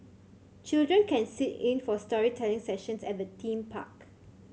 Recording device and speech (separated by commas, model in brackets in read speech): mobile phone (Samsung C7100), read sentence